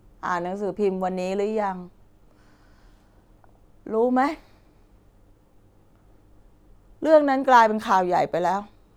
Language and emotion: Thai, sad